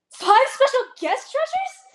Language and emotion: English, surprised